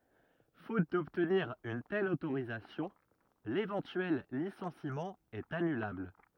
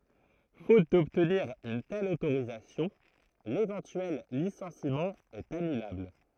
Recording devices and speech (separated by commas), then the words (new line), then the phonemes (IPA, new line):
rigid in-ear microphone, throat microphone, read sentence
Faute d'obtenir une telle autorisation, l'éventuel licenciement est annulable.
fot dɔbtniʁ yn tɛl otoʁizasjɔ̃ levɑ̃tyɛl lisɑ̃simɑ̃ ɛt anylabl